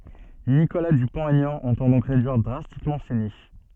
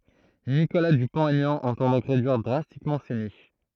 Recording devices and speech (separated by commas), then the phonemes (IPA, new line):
soft in-ear microphone, throat microphone, read sentence
nikola dypɔ̃t ɛɲɑ̃ ɑ̃tɑ̃ dɔ̃k ʁedyiʁ dʁastikmɑ̃ se niʃ